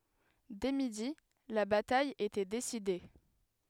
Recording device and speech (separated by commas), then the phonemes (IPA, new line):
headset microphone, read sentence
dɛ midi la bataj etɛ deside